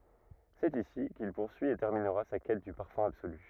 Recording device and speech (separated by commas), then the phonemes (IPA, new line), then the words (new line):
rigid in-ear microphone, read sentence
sɛt isi kil puʁsyi e tɛʁminʁa sa kɛt dy paʁfœ̃ absoly
C'est ici qu'il poursuit et terminera sa quête du parfum absolu.